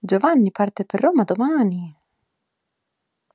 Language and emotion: Italian, surprised